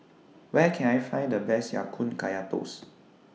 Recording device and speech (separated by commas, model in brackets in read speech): mobile phone (iPhone 6), read sentence